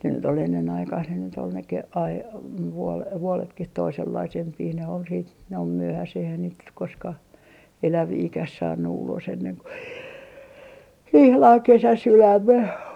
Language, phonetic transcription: Finnish, ne nyt ‿ol ennen aikaih ne nyt ‿ol ne ke- , ai- , vuol - 'vuoletkih 'toisellaisempii ne ol siit ne ol 'myöhäseh ‿eihän niit nyk 'koskah , 'eläviikäh 'saannu 'ulos enneŋ ko 'ihlaŋ "kesäsilläim me .
- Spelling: ne nyt oli ennen aikaisia ne nyt oli ne - - - vuodetkin toisenlaisempia ne oli sitten ne oli myöhäiseen eihän niitä nyt koskaan eläviäkään saanut ulos ennen kuin ihan kesäsillään me

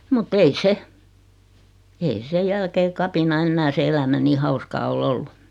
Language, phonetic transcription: Finnish, mut't ‿ei 'se , ei 'se "jälkee 'kapina 'ennää se 'elämä nii 'hauskaa o"l ‿ollu .
- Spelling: mutta ei se ei se jälkeen kapinan enää se elämä niin hauskaa ole ollut

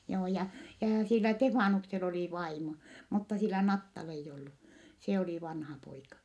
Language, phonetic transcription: Finnish, joo ja , jaa sillä Tefaanuksel ‿olì vaimo , mutta sillä Nattal ‿eij ollu , se olì vanhapoika .
- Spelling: joo ja ja sillä Stefanuksella oli vaimo mutta sillä Nattalla ei ollut se oli vanhapoika

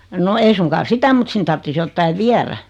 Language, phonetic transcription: Finnish, no 'ei suŋkaan̬ "sitä mut 'sin tarttis 'jottai "viärä .
- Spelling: no ei suinkaan sitä mutta sinne tarvitsisi jotakin viedä

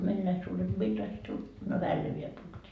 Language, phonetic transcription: Finnish, meil näi suuret - - - .
- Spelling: meillä näin suuret

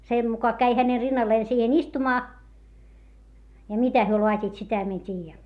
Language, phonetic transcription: Finnish, se muka käi häne rinnallee siihen ‿istumaa , ja mitä hyö loat́iit - sitä mie en t́iijä .
- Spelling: se muka kävi hänen rinnalleen siihen istumaan ja mitä he laativat sitä minä en tiedä

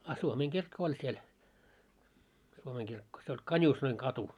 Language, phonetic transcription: Finnish, a 'suomeeŋkirkko oĺ siel , suomeeŋkirkko , se oĺ "Kańuusnoiŋ'katu .
- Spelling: a suomenkirkko oli siellä suomenkirkko se oli Kanuusnoinkatu

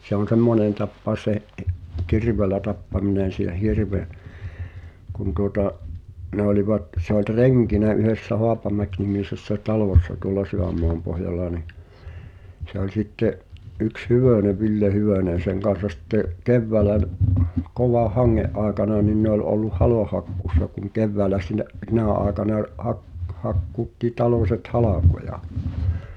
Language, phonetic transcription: Finnish, se ‿on̬ "semmonèn 'tappaos se ’i- , "kirveelä tappaminen̬ s(eh) 'hirve , kun tuŏta’ , 'ne ‿olⁱvat se ‿oĺ "(r)eŋkinä yhessä "Hoapamäknimisessä "talòssa tuola 'Syʷ̈ämmoampohjalla ni , se ‿oĺ sitte’ , '’yks "Hyvö̀ne "Ville 'Hyvö̀nen̬ seŋ kan̬sa 'sⁱtte’ , 'kevväälä v- , 'kovah "haŋŋe’ ’àekana nin ne ‿ol olluh "haloh̆hakkuus̆sa kuŋ 'kevväälä sinä’ , 'sinä̀ ’àekana ʿᵒˡʾ hak- , 'hakkuutti "taloset "halàkoja .
- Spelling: se on semmoinen tapaus se - kirveellä tappaminen sen hirven kun tuota ne olivat se oli renkinä yhdessä Haapamäki-nimisessä talossa tuolla Sydänmaanpohjalla niin se oli sitten yksi Hyvönen Ville Hyvönen sen kanssa sitten keväällä - kovan hangen aikana niin ne oli ollut halonhakkuussa kun keväällä sinä sinä aikana oli - hakkuutti talot halkoja

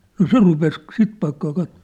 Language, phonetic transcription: Finnish, no "se rupes , "sit paikkaa 'kattᴏ .
- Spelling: no se rupesi sitä paikkaa katsomaan

